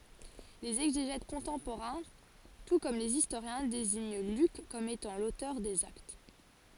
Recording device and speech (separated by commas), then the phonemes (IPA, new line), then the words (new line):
forehead accelerometer, read sentence
lez ɛɡzeʒɛt kɔ̃tɑ̃poʁɛ̃ tu kɔm lez istoʁjɛ̃ deziɲ lyk kɔm etɑ̃ lotœʁ dez akt
Les exégètes contemporains, tout comme les historiens, désignent Luc comme étant l'auteur des Actes.